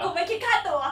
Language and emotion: Thai, happy